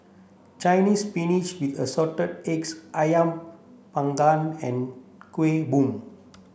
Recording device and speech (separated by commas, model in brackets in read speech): boundary microphone (BM630), read sentence